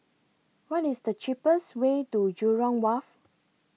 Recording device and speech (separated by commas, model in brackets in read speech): mobile phone (iPhone 6), read sentence